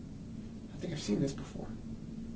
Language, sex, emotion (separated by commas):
English, male, neutral